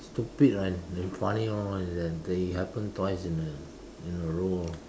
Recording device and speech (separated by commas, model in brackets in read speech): standing microphone, conversation in separate rooms